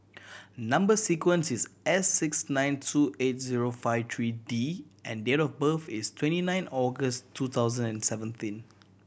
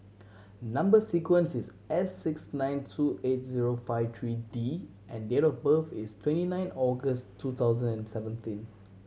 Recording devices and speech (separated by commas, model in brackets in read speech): boundary microphone (BM630), mobile phone (Samsung C7100), read sentence